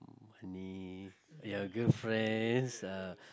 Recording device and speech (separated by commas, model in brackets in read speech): close-talking microphone, conversation in the same room